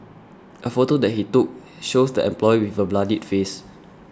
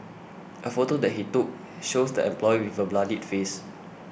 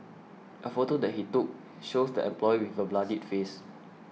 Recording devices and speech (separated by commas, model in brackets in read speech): standing microphone (AKG C214), boundary microphone (BM630), mobile phone (iPhone 6), read sentence